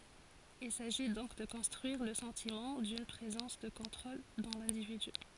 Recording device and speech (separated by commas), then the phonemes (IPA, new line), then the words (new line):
forehead accelerometer, read sentence
il saʒi dɔ̃k də kɔ̃stʁyiʁ lə sɑ̃timɑ̃ dyn pʁezɑ̃s də kɔ̃tʁol dɑ̃ lɛ̃dividy
Il s'agit donc de construire le sentiment d'une présence de contrôle dans l’individu.